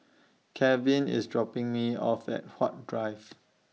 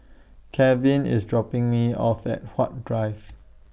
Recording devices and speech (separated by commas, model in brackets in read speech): mobile phone (iPhone 6), boundary microphone (BM630), read sentence